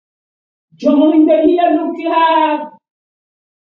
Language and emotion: English, fearful